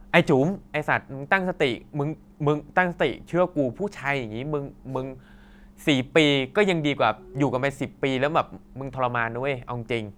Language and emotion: Thai, angry